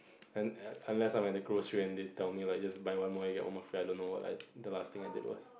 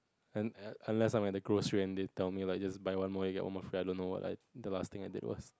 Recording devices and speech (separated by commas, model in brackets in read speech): boundary microphone, close-talking microphone, conversation in the same room